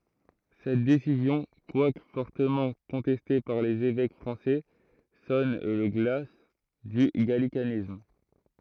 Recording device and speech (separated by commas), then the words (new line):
throat microphone, read sentence
Cette décision, quoique fortement contestée par les évêques français, sonne le glas du gallicanisme.